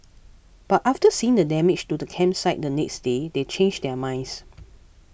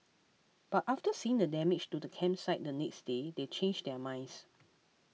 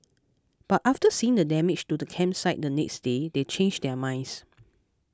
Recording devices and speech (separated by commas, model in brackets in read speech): boundary microphone (BM630), mobile phone (iPhone 6), close-talking microphone (WH20), read sentence